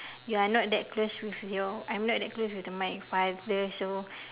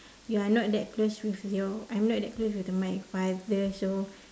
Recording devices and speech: telephone, standing microphone, conversation in separate rooms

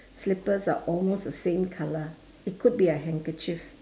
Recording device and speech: standing microphone, conversation in separate rooms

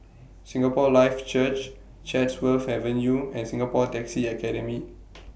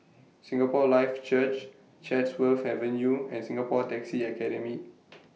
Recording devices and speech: boundary microphone (BM630), mobile phone (iPhone 6), read sentence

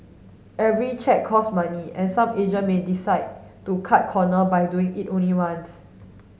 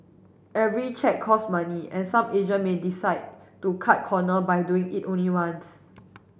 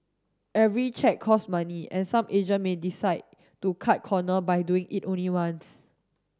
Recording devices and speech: mobile phone (Samsung S8), boundary microphone (BM630), standing microphone (AKG C214), read sentence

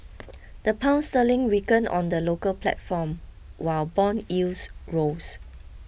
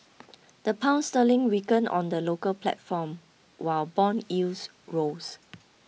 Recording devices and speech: boundary microphone (BM630), mobile phone (iPhone 6), read sentence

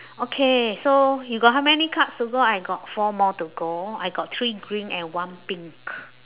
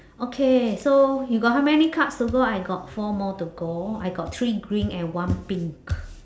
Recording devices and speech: telephone, standing microphone, conversation in separate rooms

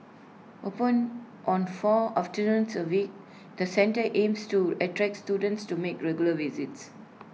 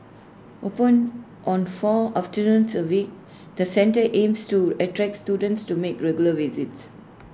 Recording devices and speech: mobile phone (iPhone 6), standing microphone (AKG C214), read sentence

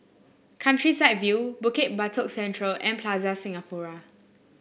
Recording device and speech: boundary microphone (BM630), read sentence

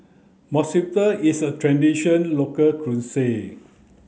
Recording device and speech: mobile phone (Samsung C9), read sentence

